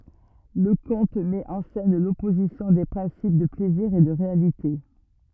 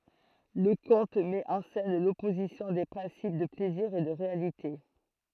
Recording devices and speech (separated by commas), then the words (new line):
rigid in-ear microphone, throat microphone, read sentence
Le conte met en scène l'opposition des principes de plaisir et de réalité.